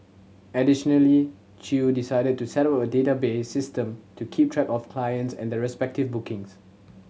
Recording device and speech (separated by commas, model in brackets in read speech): mobile phone (Samsung C7100), read sentence